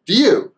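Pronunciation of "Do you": The oo sound of 'do' is cut off, so only the d sound is left, and it joins straight onto 'you'.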